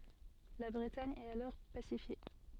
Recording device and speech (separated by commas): soft in-ear microphone, read sentence